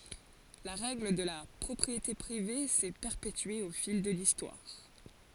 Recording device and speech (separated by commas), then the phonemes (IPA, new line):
forehead accelerometer, read sentence
la ʁɛɡl də la pʁɔpʁiete pʁive sɛ pɛʁpetye o fil də listwaʁ